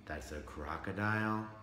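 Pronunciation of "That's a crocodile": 'That's a crocodile' is said with doubt, as if the speaker doesn't really believe it. The voice goes up, then flattens out at the end instead of continuing to rise.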